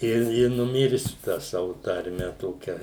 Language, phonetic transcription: Lithuanian, ˈi i nuˈmirsiu tą ˈsavu tarˈme ˈtokia

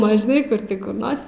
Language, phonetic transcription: Lithuanian, ˈman žiˈnai ˈkur ti kur ˈnors

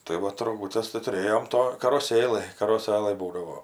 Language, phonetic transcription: Lithuanian, tai ˈvat roˈgutes tai tuˈrėjom ˈto karoˈsėlɘj karoˈsɘlɘj ˈbūdavo

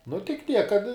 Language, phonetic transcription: Lithuanian, nu tik ˈtiek kad

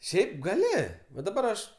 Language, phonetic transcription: Lithuanian, ˈšiaip gaˈli va daˈbar aš

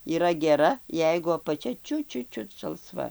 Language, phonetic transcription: Lithuanian, yˈra geˈra ˈjeigu apaˈčia ˈčiut ˈčiut ˈčiut žalˈsva

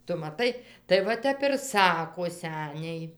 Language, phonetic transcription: Lithuanian, ˈtu maˈtai tai va ˈtep ir ˈsako ˈseniai

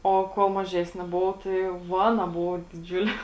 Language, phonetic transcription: Lithuanian, ˈo ˈkuol maˈžesni ˈbovau tai jau ˈvana ˈbuvo diˈdžiulė

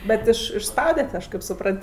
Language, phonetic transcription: Lithuanian, ˈbet ˈiš išsˈpaudet' ˈaš ˈkaip suˈprant

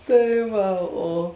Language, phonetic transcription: Lithuanian, ˈtai ˈva o

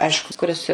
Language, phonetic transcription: Lithuanian, ˈaišku kuˈris

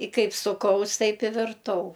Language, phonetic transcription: Lithuanian, i ˈkaip suˈkaus ˈtaip i virˈtau

